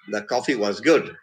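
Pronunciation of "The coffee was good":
'The coffee was good' is said with a fall-rise intonation.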